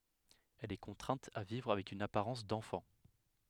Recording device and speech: headset microphone, read sentence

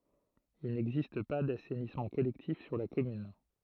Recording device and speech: throat microphone, read sentence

